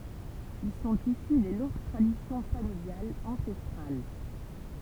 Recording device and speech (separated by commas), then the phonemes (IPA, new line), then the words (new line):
temple vibration pickup, read sentence
il sɔ̃t isy de lɔ̃ɡ tʁadisjɔ̃ familjalz ɑ̃sɛstʁal
Ils sont issus des longues traditions familiales ancestrales.